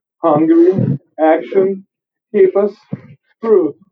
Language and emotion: English, fearful